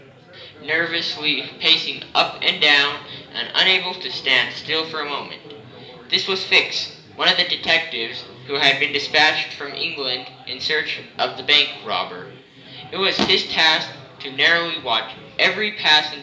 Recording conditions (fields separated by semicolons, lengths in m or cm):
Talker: one person; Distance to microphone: 1.8 m; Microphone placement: close; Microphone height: 1.0 m; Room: large; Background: babble